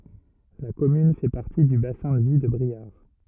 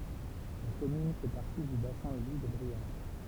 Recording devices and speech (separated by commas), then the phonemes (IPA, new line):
rigid in-ear microphone, temple vibration pickup, read sentence
la kɔmyn fɛ paʁti dy basɛ̃ də vi də bʁiaʁ